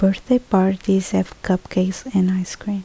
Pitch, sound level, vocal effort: 190 Hz, 70 dB SPL, soft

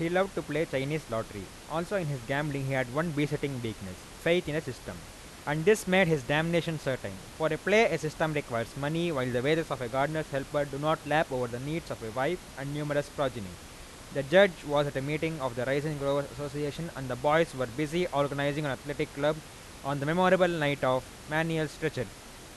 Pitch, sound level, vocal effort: 145 Hz, 92 dB SPL, loud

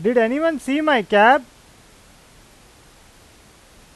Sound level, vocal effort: 93 dB SPL, loud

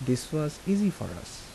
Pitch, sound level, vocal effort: 150 Hz, 78 dB SPL, soft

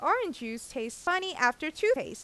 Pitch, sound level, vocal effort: 310 Hz, 91 dB SPL, normal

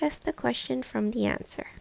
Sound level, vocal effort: 75 dB SPL, soft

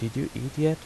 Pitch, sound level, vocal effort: 140 Hz, 81 dB SPL, soft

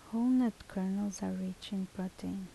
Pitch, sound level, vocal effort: 190 Hz, 73 dB SPL, soft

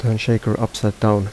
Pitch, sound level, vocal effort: 110 Hz, 77 dB SPL, soft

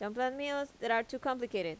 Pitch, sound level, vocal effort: 250 Hz, 86 dB SPL, normal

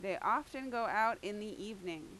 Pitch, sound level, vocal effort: 210 Hz, 90 dB SPL, very loud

